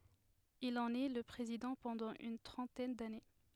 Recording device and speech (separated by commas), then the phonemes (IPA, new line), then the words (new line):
headset microphone, read sentence
il ɑ̃n ɛ lə pʁezidɑ̃ pɑ̃dɑ̃ yn tʁɑ̃tɛn dane
Il en est le président pendant une trentaine d'années.